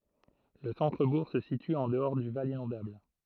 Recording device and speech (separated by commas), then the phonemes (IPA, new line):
throat microphone, read sentence
lə sɑ̃tʁəbuʁ sə sity ɑ̃ dəɔʁ dy val inɔ̃dabl